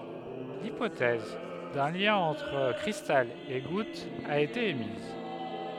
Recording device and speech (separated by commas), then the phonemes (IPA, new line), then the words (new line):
headset microphone, read sentence
lipotɛz dœ̃ ljɛ̃ ɑ̃tʁ kʁistal e ɡut a ete emiz
L'hypothèse d'un lien entre cristal et goutte a été émise.